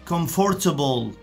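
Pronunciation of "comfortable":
'Comfortable' is pronounced incorrectly here.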